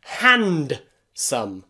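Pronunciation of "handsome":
'Handsome' is pronounced incorrectly here: the d is sounded, although it should be silent.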